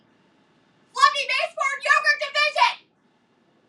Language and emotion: English, angry